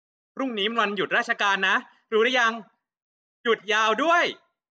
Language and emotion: Thai, happy